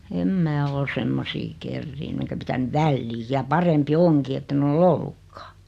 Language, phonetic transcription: Finnish, em 'mää ol 'semmosii "kerriinny enkä 'pitänyᵛ "välliij ja 'parempi "oŋki ette'n ‿ol"l ‿ollukkaa .
- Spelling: en minä ole semmoisia kerinnyt enkä pitänyt väliin ja parempi onkin että en ole ollutkaan

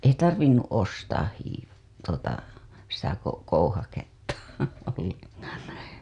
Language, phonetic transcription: Finnish, ei 'tarvinnu " 'ostaah hiiv- , tuota , sitä ko- , 'kouhaketta (olleŋkaan̬) .
- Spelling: ei tarvinnut ostaa - tuota sitä - kouhaketta ollenkaan

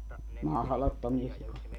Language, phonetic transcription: Finnish, "mahlottomia sikoja .
- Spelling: mahdottomia sikoja

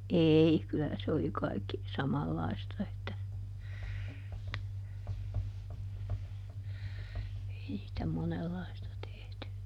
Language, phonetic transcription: Finnish, "ei , kylä se oli ˈkaikki , ˈsamallaista että , ˈei sⁱtä ˈmonellaista tehty .
- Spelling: ei kyllä se oli kaikki samanlaista että ei sitä monenlaista tehty

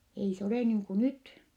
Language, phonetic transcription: Finnish, ei se olè niiŋ ku nyt .
- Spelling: ei se ole niin kuin nyt

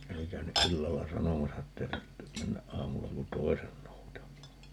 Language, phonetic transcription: Finnish, 'oli käyny 'ʼillalla "sanomasa että » 'ei (tarttem) 'mennäʼ 'ʼaamulla ku "toi̮sen 'noutam̀aa » .
- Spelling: oli käynyt illalla sanomassa että ei tarvitse mennä aamulla kuin toisen noutamaan

